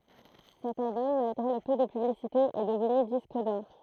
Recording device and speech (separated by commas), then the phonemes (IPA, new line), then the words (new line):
throat microphone, read sentence
sɛt albɔm malɡʁe lə pø də pyblisite ɛ dəvny disk dɔʁ
Cet album, malgré le peu de publicité, est devenu disque d'or.